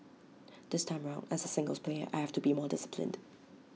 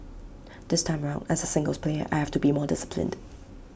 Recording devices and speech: mobile phone (iPhone 6), boundary microphone (BM630), read sentence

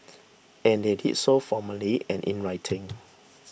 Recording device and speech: boundary microphone (BM630), read sentence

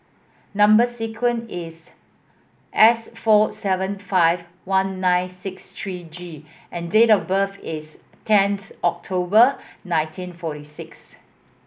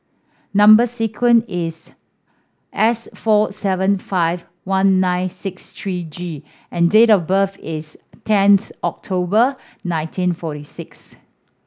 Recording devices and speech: boundary microphone (BM630), standing microphone (AKG C214), read sentence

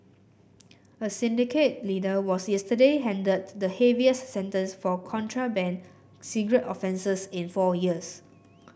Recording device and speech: boundary microphone (BM630), read sentence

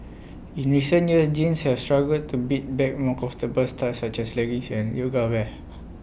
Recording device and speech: boundary microphone (BM630), read sentence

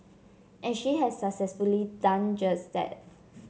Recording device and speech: mobile phone (Samsung C7), read sentence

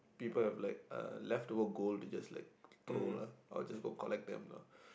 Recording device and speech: boundary microphone, conversation in the same room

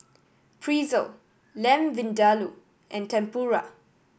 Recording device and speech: boundary microphone (BM630), read sentence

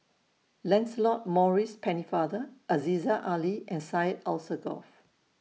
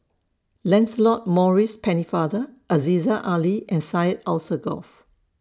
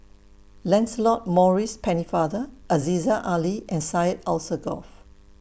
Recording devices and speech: mobile phone (iPhone 6), standing microphone (AKG C214), boundary microphone (BM630), read sentence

